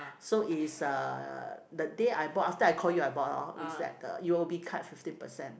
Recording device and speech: boundary microphone, conversation in the same room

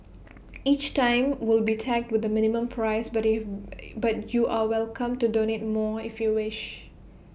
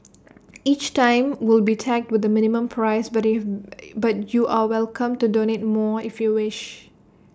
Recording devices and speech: boundary microphone (BM630), standing microphone (AKG C214), read sentence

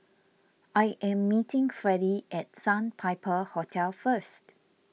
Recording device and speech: mobile phone (iPhone 6), read sentence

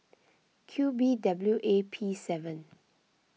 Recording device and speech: mobile phone (iPhone 6), read sentence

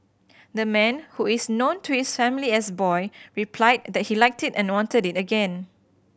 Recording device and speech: boundary microphone (BM630), read sentence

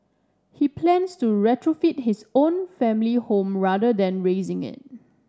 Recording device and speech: standing microphone (AKG C214), read sentence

